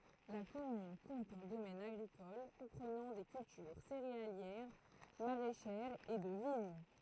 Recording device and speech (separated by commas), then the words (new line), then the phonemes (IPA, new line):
throat microphone, read sentence
La commune compte un domaine agricole comprenant des cultures céréalières, maraîchères et de vignes.
la kɔmyn kɔ̃t œ̃ domɛn aɡʁikɔl kɔ̃pʁənɑ̃ de kyltyʁ seʁealjɛʁ maʁɛʃɛʁz e də viɲ